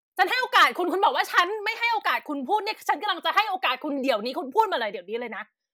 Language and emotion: Thai, angry